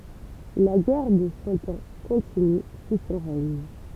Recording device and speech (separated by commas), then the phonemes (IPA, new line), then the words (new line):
temple vibration pickup, read sentence
la ɡɛʁ də sɑ̃ ɑ̃ kɔ̃tiny su sɔ̃ ʁɛɲ
La guerre de Cent Ans continue sous son règne.